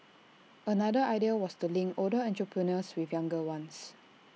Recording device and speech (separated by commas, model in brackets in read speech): mobile phone (iPhone 6), read sentence